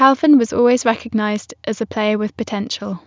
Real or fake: real